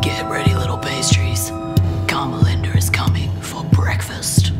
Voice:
hoarsely